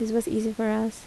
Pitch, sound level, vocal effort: 225 Hz, 76 dB SPL, soft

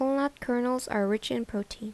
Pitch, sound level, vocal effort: 245 Hz, 77 dB SPL, soft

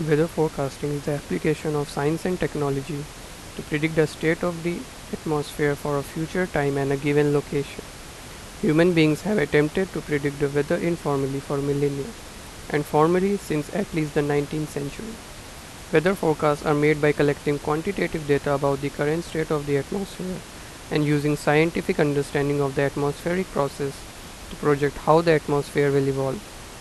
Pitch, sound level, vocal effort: 150 Hz, 86 dB SPL, normal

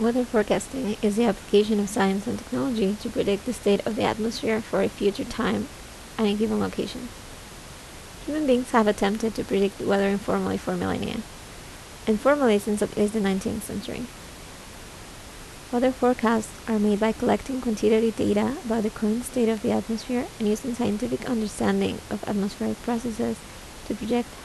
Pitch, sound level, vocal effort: 225 Hz, 76 dB SPL, soft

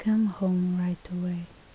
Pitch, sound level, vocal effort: 180 Hz, 72 dB SPL, soft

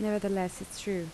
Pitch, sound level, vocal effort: 195 Hz, 78 dB SPL, soft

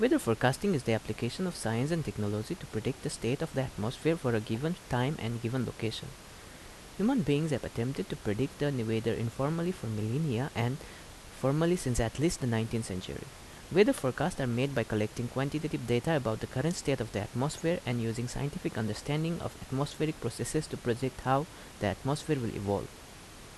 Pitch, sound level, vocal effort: 130 Hz, 78 dB SPL, normal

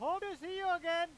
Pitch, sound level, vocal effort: 350 Hz, 107 dB SPL, very loud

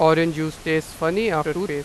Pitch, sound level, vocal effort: 160 Hz, 94 dB SPL, loud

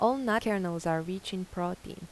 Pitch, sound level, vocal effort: 185 Hz, 84 dB SPL, normal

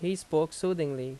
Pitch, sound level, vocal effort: 155 Hz, 86 dB SPL, loud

